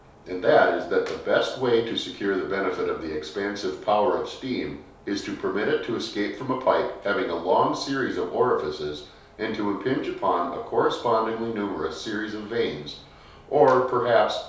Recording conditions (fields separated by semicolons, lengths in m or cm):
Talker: one person; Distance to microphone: 3.0 m; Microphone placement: far; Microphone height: 1.8 m; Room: small (3.7 m by 2.7 m); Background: none